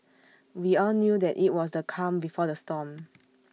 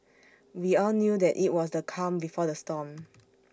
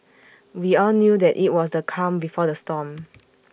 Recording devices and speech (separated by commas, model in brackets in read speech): mobile phone (iPhone 6), standing microphone (AKG C214), boundary microphone (BM630), read sentence